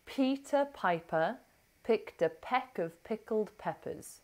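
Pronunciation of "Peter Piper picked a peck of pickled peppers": The sentence is said as flowing, connected speech with many schwas, and 'of' in 'peck of' is said with a schwa.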